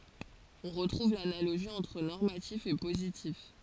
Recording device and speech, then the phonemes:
forehead accelerometer, read sentence
ɔ̃ ʁətʁuv lanaloʒi ɑ̃tʁ nɔʁmatif e pozitif

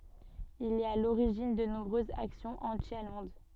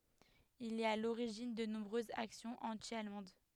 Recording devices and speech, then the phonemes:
soft in-ear microphone, headset microphone, read sentence
il ɛt a loʁiʒin də nɔ̃bʁøzz aksjɔ̃z ɑ̃ti almɑ̃d

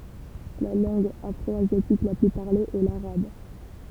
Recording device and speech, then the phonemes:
temple vibration pickup, read sentence
la lɑ̃ɡ afʁɔazjatik la ply paʁle ɛ laʁab

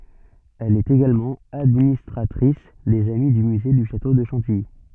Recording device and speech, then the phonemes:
soft in-ear microphone, read sentence
ɛl ɛt eɡalmɑ̃ administʁatʁis dez ami dy myze dy ʃato də ʃɑ̃tiji

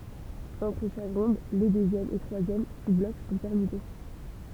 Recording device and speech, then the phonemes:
temple vibration pickup, read sentence
ɑ̃tʁ ʃak ʁɔ̃d le døzjɛm e tʁwazjɛm suzblɔk sɔ̃ pɛʁmyte

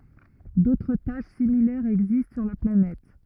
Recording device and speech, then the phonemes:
rigid in-ear microphone, read sentence
dotʁ taʃ similɛʁz ɛɡzist syʁ la planɛt

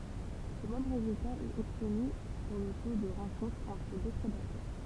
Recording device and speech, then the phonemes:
temple vibration pickup, read sentence
lə mɛm ʁezylta ɛt ɔbtny puʁ lə to də ʁɑ̃kɔ̃tʁ ɑ̃tʁ dø pʁedatœʁ

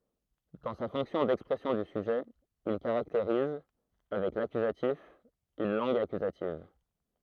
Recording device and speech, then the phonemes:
throat microphone, read sentence
dɑ̃ sa fɔ̃ksjɔ̃ dɛkspʁɛsjɔ̃ dy syʒɛ il kaʁakteʁiz avɛk lakyzatif yn lɑ̃ɡ akyzativ

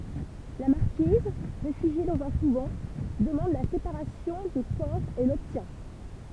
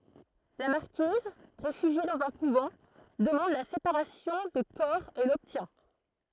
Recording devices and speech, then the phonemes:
temple vibration pickup, throat microphone, read sentence
la maʁkiz ʁefyʒje dɑ̃z œ̃ kuvɑ̃ dəmɑ̃d la sepaʁasjɔ̃ də kɔʁ e lɔbtjɛ̃

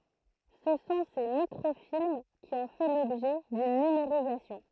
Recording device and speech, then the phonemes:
throat microphone, read sentence
sə sɔ̃ se mikʁofilm ki ɔ̃ fɛ lɔbʒɛ dyn nymeʁizasjɔ̃

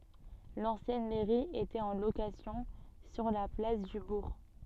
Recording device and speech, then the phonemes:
soft in-ear microphone, read sentence
lɑ̃sjɛn mɛʁi etɛt ɑ̃ lokasjɔ̃ syʁ la plas dy buʁ

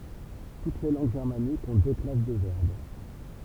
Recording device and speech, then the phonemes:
temple vibration pickup, read sentence
tut le lɑ̃ɡ ʒɛʁmanikz ɔ̃ dø klas də vɛʁb

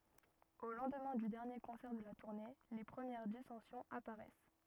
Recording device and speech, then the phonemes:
rigid in-ear microphone, read sentence
o lɑ̃dmɛ̃ dy dɛʁnje kɔ̃sɛʁ də la tuʁne le pʁəmjɛʁ disɑ̃sjɔ̃z apaʁɛs

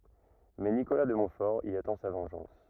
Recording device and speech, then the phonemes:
rigid in-ear microphone, read sentence
mɛ nikola də mɔ̃tfɔʁ i atɑ̃ sa vɑ̃ʒɑ̃s

